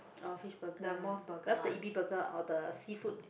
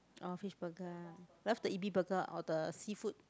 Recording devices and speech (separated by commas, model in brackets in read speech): boundary microphone, close-talking microphone, conversation in the same room